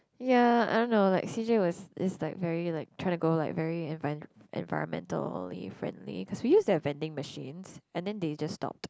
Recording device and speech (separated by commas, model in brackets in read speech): close-talking microphone, conversation in the same room